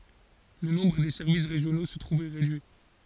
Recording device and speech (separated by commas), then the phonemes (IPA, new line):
forehead accelerometer, read sentence
lə nɔ̃bʁ de sɛʁvis ʁeʒjono sə tʁuv ʁedyi